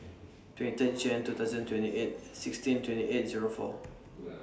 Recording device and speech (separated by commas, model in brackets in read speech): standing microphone (AKG C214), read sentence